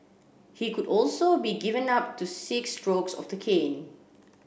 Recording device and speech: boundary microphone (BM630), read sentence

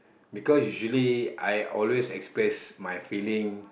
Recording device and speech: boundary microphone, conversation in the same room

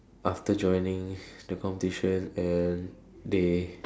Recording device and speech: standing microphone, conversation in separate rooms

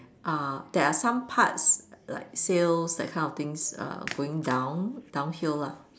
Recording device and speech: standing microphone, conversation in separate rooms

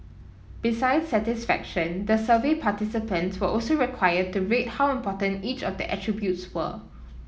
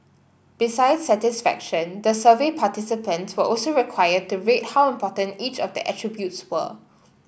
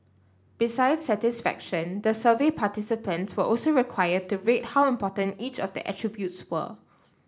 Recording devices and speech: mobile phone (iPhone 7), boundary microphone (BM630), standing microphone (AKG C214), read sentence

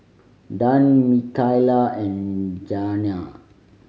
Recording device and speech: mobile phone (Samsung C5010), read sentence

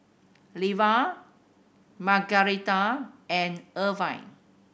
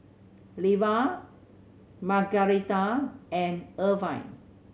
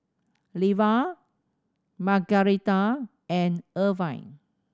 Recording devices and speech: boundary microphone (BM630), mobile phone (Samsung C7100), standing microphone (AKG C214), read sentence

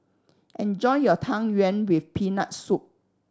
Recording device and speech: standing microphone (AKG C214), read sentence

